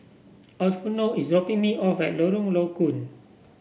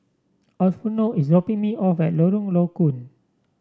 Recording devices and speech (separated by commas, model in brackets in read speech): boundary microphone (BM630), standing microphone (AKG C214), read sentence